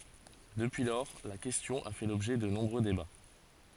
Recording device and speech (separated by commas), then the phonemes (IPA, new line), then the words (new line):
forehead accelerometer, read sentence
dəpyi lɔʁ la kɛstjɔ̃ a fɛ lɔbʒɛ də nɔ̃bʁø deba
Depuis lors, la question a fait l'objet de nombreux débats.